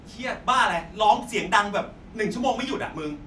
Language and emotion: Thai, frustrated